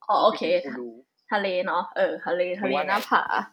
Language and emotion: Thai, neutral